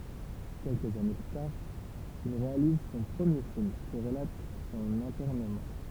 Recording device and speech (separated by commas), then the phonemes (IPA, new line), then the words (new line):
temple vibration pickup, read sentence
kɛlkəz ane ply taʁ il ʁealiz sɔ̃ pʁəmje film ki ʁəlat sɔ̃n ɛ̃tɛʁnəmɑ̃
Quelques années plus tard, il réalise son premier film qui relate son internement.